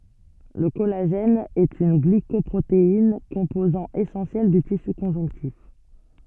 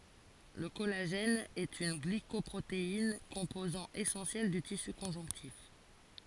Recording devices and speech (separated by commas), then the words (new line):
soft in-ear microphone, forehead accelerometer, read sentence
Le collagène est une glycoprotéine, composant essentiel du tissu conjonctif.